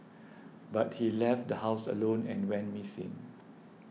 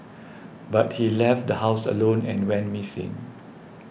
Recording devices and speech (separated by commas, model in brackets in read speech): mobile phone (iPhone 6), boundary microphone (BM630), read sentence